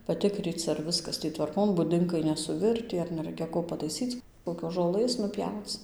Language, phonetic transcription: Lithuanian, paˈtikryc ar ˈviskas ˈtį tvarˈkon buˈdinkai ˌnesuˈvirtį ar neˈraikia ˈko pataiˈsyc kokios žoˈlɘs nuˈpjauc

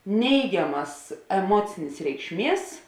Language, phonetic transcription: Lithuanian, ˈneigiamas eˈmuocinės reikšˈmies

